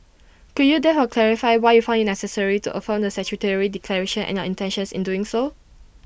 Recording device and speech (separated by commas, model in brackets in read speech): boundary microphone (BM630), read sentence